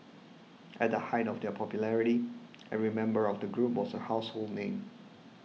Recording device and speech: mobile phone (iPhone 6), read sentence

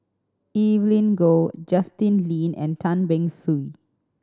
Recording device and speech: standing microphone (AKG C214), read sentence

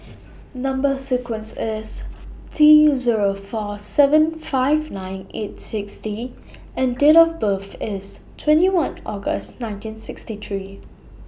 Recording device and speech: boundary microphone (BM630), read sentence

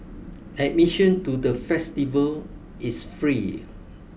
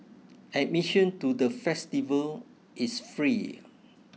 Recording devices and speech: boundary microphone (BM630), mobile phone (iPhone 6), read sentence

